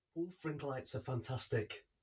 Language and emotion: English, fearful